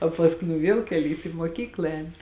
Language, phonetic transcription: Lithuanian, o pasˈkui nu ˈviel keˈlys į muoˈkykla ˈēni

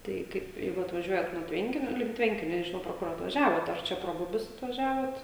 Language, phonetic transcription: Lithuanian, ˈtaiˈ kaip ˈjeigu atvaˈžiuojat nuo ˈtvenkinio link ˈtvenkinio nežiˈnau pro ˈkur atvaˈžiavot ar ˈčia pro ˈbubius atvaˈžiavot

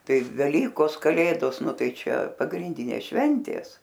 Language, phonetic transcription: Lithuanian, ˈtai veˈlykos kaˈlėdos ˈnu ˈtai ˈčia pagrinˈdynės šventės

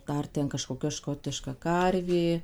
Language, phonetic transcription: Lithuanian, ˈdar ten kažkoˈkia ˈškotiška ˈkarvė

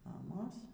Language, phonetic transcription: Lithuanian, maˈmos

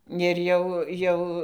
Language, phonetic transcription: Lithuanian, ir ˈjau ˈjau

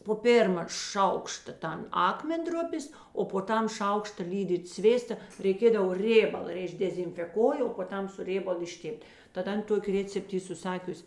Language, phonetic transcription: Lithuanian, po ˈpėrma ˈšaukšta ˈtan ˈakmenˌdrupės o po ˈtam ˈšaukšta ˈlydyt ˈsvėsta reiˈkėdavo ˈrėbala ir išdezinfeˈkoji o po ˈtam su ˈrėbalu išˈtėpt' tad ˈan ˈtoki ˈrėcept ˈy suˈsakius'

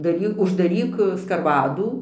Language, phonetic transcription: Lithuanian, daˈry uždaˈryk skarˈvadų

